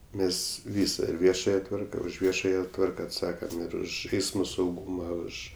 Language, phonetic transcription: Lithuanian, ˈmes ˈvysa ir ˈviešaja ˈtvarka už ˈviešaja ˈtvarka atˈsakam ir ˈuž ˈeismo sauˈgūma ˈuž

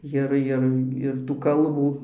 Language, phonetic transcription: Lithuanian, ˈjir ˈjir ir tų ˈkalbų

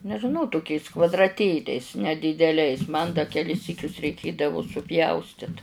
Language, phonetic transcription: Lithuanian, nežiˈnau tuˈkiais kvadraˈtėliais nedydeˈliais man da keˈlis ˈsykius reiˈkėdavu suˈpjaustit

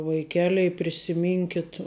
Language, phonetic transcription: Lithuanian, vaiˈkeliai prisiˈminkit

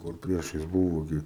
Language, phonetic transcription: Lithuanian, kur ˈpriešais ˈbūvo ˈgi

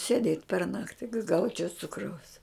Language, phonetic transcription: Lithuanian, sėˈdėt' per ˈnakti ka ˈgaučiau ˈcukraus

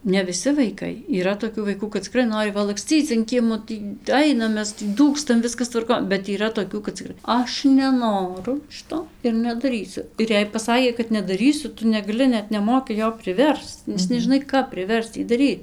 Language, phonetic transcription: Lithuanian, ne viˈsi vaiˈkai yˈra toˈkių vaiˈkų kad ciˈkrai ˈnori va lakˈscyc an ˈkiemo ˈtį ˈainam ˈmes tį ˈdūkstam ˈviskas tvarˈkon bet yˈra toˈkių kad ciˈkrai ˈaš neˈnoru ˈšito ir nedaˈrysiu ir ˈjei paˈsakė kad nedaˈrysiu ˈtu negaˈli ˈnet neˈmoki ˈjo priˈversc nes nežiˈnai ˈkap priˈversc ˈjį daˈryt

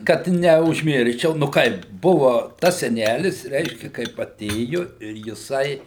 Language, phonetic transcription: Lithuanian, ˈkad neužˈmirščiau nu ˈkaip ˈbuvu ˈtas seˈnælis ˈreiškia kaip aˈtėju ir jiˈsai

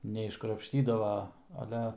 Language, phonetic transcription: Lithuanian, neiškrapšˈtydava aˈle

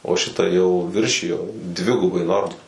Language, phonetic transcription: Lithuanian, o šiˈta jau ˈviršijo ˈdvigubai ˈnorma

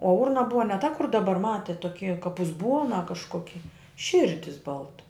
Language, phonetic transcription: Lithuanian, o ˈurna ˈbuva ne ta kur daˈbar ˈmatėt toˈky kap uzˈbuona kažˈkoki ˈširdis ˈbalta

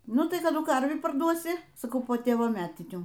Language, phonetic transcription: Lithuanian, ˈnu tai kaˈdu ˈkarvį paˈrduosi saˈkau po ˈtėvo ˈmetinių

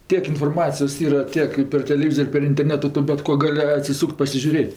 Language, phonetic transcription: Lithuanian, ˈtiek inforˈmacijos ˈyra ˈtiek i per teleˈvyzor' i per interˈnetu ˈtu bet ˈko ˈgali atsiˈsūk't' pasižiuˈrėt'

